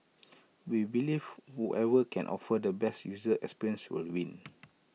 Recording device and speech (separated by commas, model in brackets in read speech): mobile phone (iPhone 6), read sentence